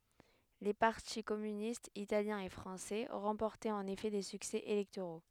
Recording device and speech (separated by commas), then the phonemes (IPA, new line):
headset microphone, read sentence
le paʁti kɔmynistz italjɛ̃ e fʁɑ̃sɛ ʁɑ̃pɔʁtɛt ɑ̃n efɛ de syksɛ elɛktoʁo